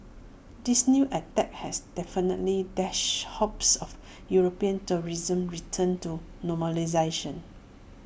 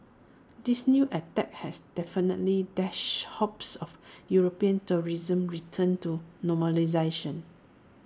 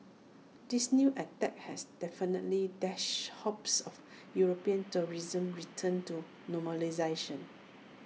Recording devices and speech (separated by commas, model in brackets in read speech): boundary microphone (BM630), standing microphone (AKG C214), mobile phone (iPhone 6), read sentence